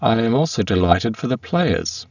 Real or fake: fake